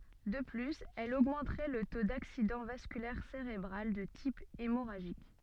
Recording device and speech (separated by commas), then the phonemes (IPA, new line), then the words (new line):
soft in-ear microphone, read sentence
də plyz ɛl oɡmɑ̃tʁɛ lə to daksidɑ̃ vaskylɛʁ seʁebʁal də tip emoʁaʒik
De plus, elle augmenterait le taux d'accident vasculaire cérébral de type hémorragique.